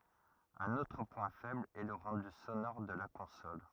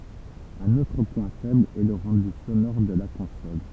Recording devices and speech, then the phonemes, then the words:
rigid in-ear microphone, temple vibration pickup, read sentence
œ̃n otʁ pwɛ̃ fɛbl ɛ lə ʁɑ̃dy sonɔʁ də la kɔ̃sɔl
Un autre point faible est le rendu sonore de la console.

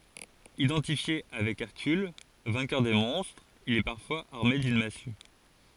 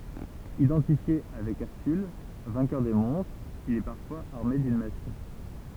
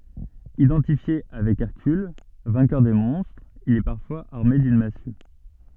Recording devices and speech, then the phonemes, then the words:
forehead accelerometer, temple vibration pickup, soft in-ear microphone, read sentence
idɑ̃tifje avɛk ɛʁkyl vɛ̃kœʁ de mɔ̃stʁz il ɛ paʁfwaz aʁme dyn masy
Identifié avec Hercule, vainqueur des monstres, il est parfois armé d'une massue.

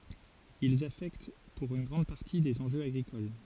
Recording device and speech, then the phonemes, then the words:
forehead accelerometer, read sentence
ilz afɛkt puʁ yn ɡʁɑ̃d paʁti dez ɑ̃ʒøz aɡʁikol
Ils affectent pour une grande partie des enjeux agricoles.

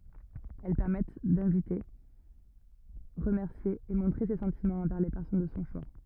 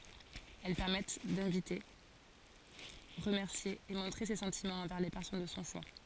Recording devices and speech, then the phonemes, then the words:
rigid in-ear microphone, forehead accelerometer, read sentence
ɛl pɛʁmɛt dɛ̃vite ʁəmɛʁsje e mɔ̃tʁe se sɑ̃timɑ̃z ɑ̃vɛʁ le pɛʁsɔn də sɔ̃ ʃwa
Elles permettent d'inviter, remercier et montrer ses sentiments envers les personnes de son choix.

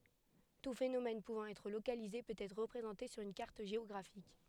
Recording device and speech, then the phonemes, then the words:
headset microphone, read sentence
tu fenomɛn puvɑ̃ ɛtʁ lokalize pøt ɛtʁ ʁəpʁezɑ̃te syʁ yn kaʁt ʒeɔɡʁafik
Tout phénomène pouvant être localisé peut être représenté sur une carte géographique.

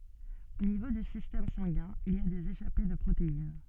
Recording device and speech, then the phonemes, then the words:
soft in-ear microphone, read sentence
o nivo dy sistɛm sɑ̃ɡɛ̃ il i a dez eʃape də pʁotein
Au niveau du système sanguin, il y a des échappées de protéines.

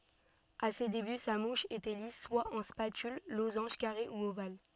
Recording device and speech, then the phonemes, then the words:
soft in-ear microphone, read sentence
a se deby sa muʃ etɛ lis swa ɑ̃ spatyl lozɑ̃ʒ kaʁe u oval
À ses débuts sa mouche était lisse, soit en spatule, losange, carré, ou ovale.

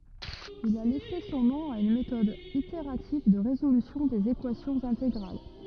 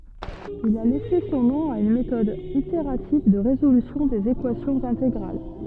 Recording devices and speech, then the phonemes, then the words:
rigid in-ear microphone, soft in-ear microphone, read sentence
il a lɛse sɔ̃ nɔ̃ a yn metɔd iteʁativ də ʁezolysjɔ̃ dez ekwasjɔ̃z ɛ̃teɡʁal
Il a laissé son nom à une méthode itérative de résolution des équations intégrales.

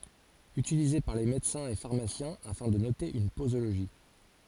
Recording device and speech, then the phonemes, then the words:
forehead accelerometer, read sentence
ytilize paʁ le medəsɛ̃z e faʁmasjɛ̃ afɛ̃ də note yn pozoloʒi
Utilisé par les médecins et pharmaciens afin de noter une posologie.

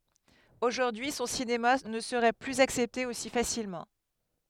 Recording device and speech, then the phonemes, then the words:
headset microphone, read sentence
oʒuʁdyi sɔ̃ sinema nə səʁɛ plyz aksɛpte osi fasilmɑ̃
Aujourd'hui, son cinéma ne serait plus accepté aussi facilement.

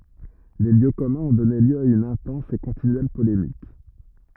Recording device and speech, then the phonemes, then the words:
rigid in-ear microphone, read sentence
le ljø kɔmœ̃z ɔ̃ dɔne ljø a yn ɛ̃tɑ̃s e kɔ̃tinyɛl polemik
Les lieux communs ont donné lieu à une intense et continuelle polémique.

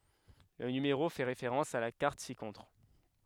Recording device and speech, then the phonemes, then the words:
headset microphone, read sentence
lə nymeʁo fɛ ʁefeʁɑ̃s a la kaʁt sikɔ̃tʁ
Le numéro fait référence à la carte ci-contre.

